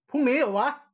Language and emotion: Thai, angry